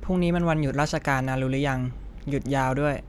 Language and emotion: Thai, frustrated